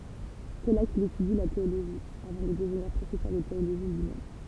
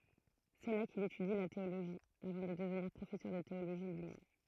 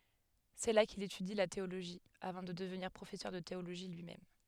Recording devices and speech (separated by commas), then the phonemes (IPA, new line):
temple vibration pickup, throat microphone, headset microphone, read sentence
sɛ la kil etydi la teoloʒi avɑ̃ də dəvniʁ pʁofɛsœʁ də teoloʒi lyimɛm